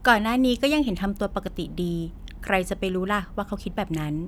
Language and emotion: Thai, neutral